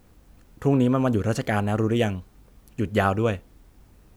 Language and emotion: Thai, neutral